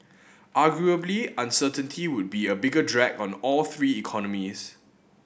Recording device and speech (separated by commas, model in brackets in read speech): boundary microphone (BM630), read sentence